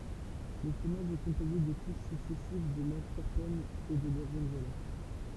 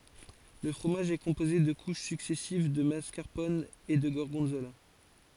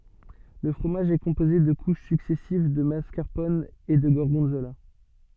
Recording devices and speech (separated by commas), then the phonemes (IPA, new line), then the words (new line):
temple vibration pickup, forehead accelerometer, soft in-ear microphone, read sentence
lə fʁomaʒ ɛ kɔ̃poze də kuʃ syksɛsiv də maskaʁpɔn e də ɡɔʁɡɔ̃zola
Le fromage est composé de couches successives de mascarpone et de gorgonzola.